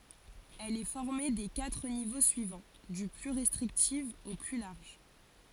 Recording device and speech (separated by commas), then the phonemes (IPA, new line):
forehead accelerometer, read sentence
ɛl ɛ fɔʁme de katʁ nivo syivɑ̃ dy ply ʁɛstʁiktif o ply laʁʒ